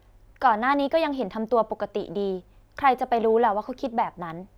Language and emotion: Thai, neutral